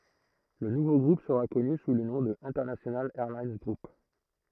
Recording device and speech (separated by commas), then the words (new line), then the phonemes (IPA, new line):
throat microphone, read sentence
Le nouveau groupe sera connu sous le nom de International Airlines Group.
lə nuvo ɡʁup səʁa kɔny su lə nɔ̃ də ɛ̃tɛʁnasjonal ɛʁlin ɡʁup